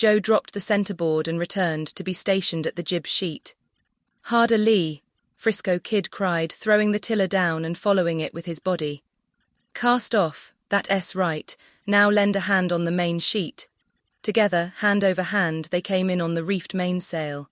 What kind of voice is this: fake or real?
fake